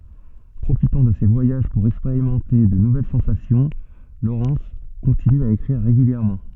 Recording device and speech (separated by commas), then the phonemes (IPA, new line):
soft in-ear microphone, read sentence
pʁofitɑ̃ də se vwajaʒ puʁ ɛkspeʁimɑ̃te də nuvɛl sɑ̃sasjɔ̃ lowʁɛns kɔ̃tiny a ekʁiʁ ʁeɡyljɛʁmɑ̃